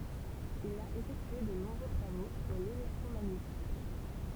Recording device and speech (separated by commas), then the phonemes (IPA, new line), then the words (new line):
temple vibration pickup, read sentence
il a efɛktye də nɔ̃bʁø tʁavo syʁ lelɛktʁomaɲetism
Il a effectué de nombreux travaux sur l'électromagnétisme.